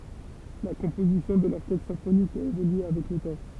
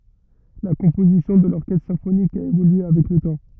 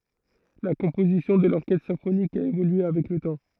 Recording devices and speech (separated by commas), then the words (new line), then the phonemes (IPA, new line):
temple vibration pickup, rigid in-ear microphone, throat microphone, read sentence
La composition de l'orchestre symphonique a évolué avec le temps.
la kɔ̃pozisjɔ̃ də lɔʁkɛstʁ sɛ̃fonik a evolye avɛk lə tɑ̃